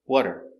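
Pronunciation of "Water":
'What are' is pronounced like the word 'water'.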